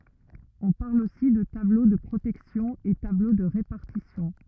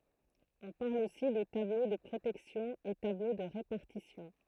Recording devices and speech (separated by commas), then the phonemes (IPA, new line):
rigid in-ear microphone, throat microphone, read sentence
ɔ̃ paʁl osi də tablo də pʁotɛksjɔ̃ e tablo də ʁepaʁtisjɔ̃